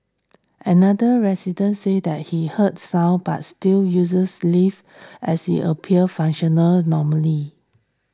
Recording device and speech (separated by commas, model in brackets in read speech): standing microphone (AKG C214), read sentence